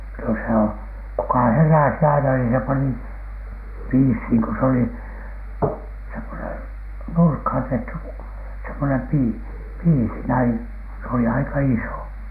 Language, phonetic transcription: Finnish, no se o- , kuka "herä̀si aina nii se 'pani , "piishiiŋ ko s ‿oli , semmonen 'nurkhàn 'tehty , semmonem 'pii- , "piisi näin , se oli 'aika "iso .
- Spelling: no se - kuka heräsi aina niin se pani piisiin kun se oli semmoinen nurkkaan tehty semmoinen - piisi näin se oli aika iso

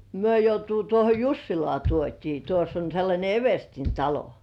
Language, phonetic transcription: Finnish, 'myö joutuu tuoho "Jussilŏà 'tuot́ii tuoss ‿on̬ sellańe "everstin 'talo .
- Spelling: me joutuu tuohon Jussilaan tuotiin tuossa on sellainen everstin talo

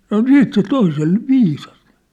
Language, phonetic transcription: Finnish, sano "siit se "toisel , "viisas .
- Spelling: sanoi sitten se toiselle viisas

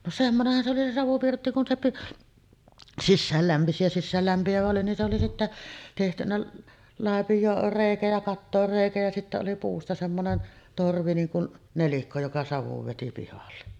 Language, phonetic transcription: Finnish, no 'semmonehhan se oli 'se "savupirtti kun se pi-ˀ , "sissääl 'lämpisi ja sissäällämpi₍ävä oli nin se oli 'sittä , tehtynä 'làepij̀oor "rèikä ja 'kattoor "rèikä ja sittä oli 'puusta semmonen , 'torvi 'niin kun "nelikko joka savuv veti pihalle .
- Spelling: no semmoinenhan se oli se savupirtti kun se - sisään lämpisi ja sisäänlämpiävä oli niin se oli sitten tehty laipioon reikä ja kattoon reikä ja sitten oli puusta semmoinen torvi niin kuin nelikko joka savun veti pihalle

